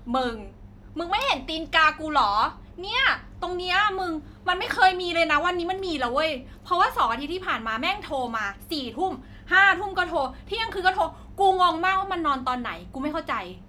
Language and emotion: Thai, angry